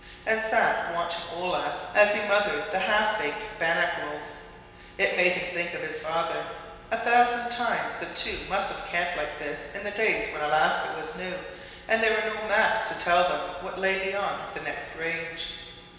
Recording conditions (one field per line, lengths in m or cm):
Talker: one person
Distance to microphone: 1.7 m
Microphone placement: close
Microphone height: 1.0 m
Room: very reverberant, large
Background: none